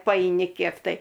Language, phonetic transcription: Lithuanian, paeiˈni ˈkiek tai

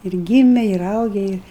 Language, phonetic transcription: Lithuanian, ir ˈgyme ir ˈauge ir

